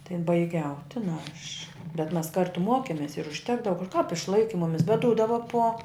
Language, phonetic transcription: Lithuanian, tai baiˈgiau ˈtina aš bet mas ˈkartu ˈmokemės ir užˈtekdava kap išˈlaiki ˈmumis bet ˈdūdava po

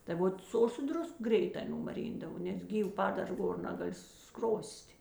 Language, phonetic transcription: Lithuanian, tai ˈvot ˈsu o su ˈdrusk ˈgreitā numaˈryndavo nes ˈgyv ˈpadar ˈgor ˈnagaˌli ˈskros't'

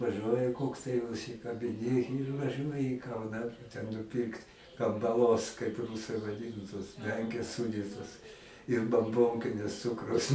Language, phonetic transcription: Lithuanian, vaˈžuoja ˈkoks tai užsikabiˈni ir vaˈžuoji į ˈkauną ten nuˈpirkt kambaˈlos kaip ˈrūsai vaˈdinu tos ˈmenkės ˈsūdytos ir bamˈbonkinis ˈcukrus

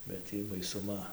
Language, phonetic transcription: Lithuanian, bet ˈtį baisuˈma

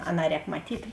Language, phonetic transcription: Lithuanian, ˈaˌnā ˈrēk maˈtyt'

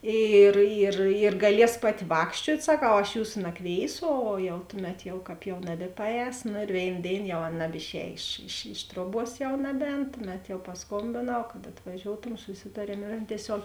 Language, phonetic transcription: Lithuanian, ˈyr yr yr gaˈlies ˈpaˌti ˈvākščiuot' saˈkau aš ˈjūsu naˈkvėisu ˈo jau ˈtuˌmet jau ˈkāp jau ˈnabipaˌēs no ir ˈvėin ˈdėin jau ˈan nabiˈšēj iš iš ˈiš truoˌbuos jau ˈnabˌēn ˈtuˌmet jau pasˈkombėnau kad atvaˈžioutom suˈsitariem ir ˈan tieˈsiog

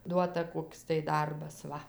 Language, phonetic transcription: Lithuanian, ˈduota ˈkoks tai ˈdarbas ˈva

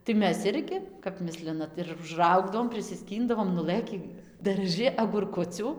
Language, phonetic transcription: Lithuanian, tai ˈmes ˈirgi kap ˈmislinat ir užˈraugdavom prisiˈskyndavom nuˈlɘkį darˈžɨ agurˈkucių

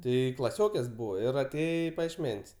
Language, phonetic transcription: Lithuanian, ˈtai klaˈsiokės ˈbūva ir aˈtėje i pajiešˈmen's'

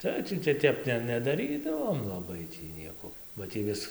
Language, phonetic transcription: Lithuanian, ˈtai tį tai ˈtep ne nedaˈrydavom laˈbai ˈtį ˈnieko ba ˈtį vis

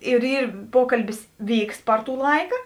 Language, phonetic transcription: Lithuanian, ir ˈyr ˈpokalbis ˈvyks ˈpar ˌtų ˈlaiką

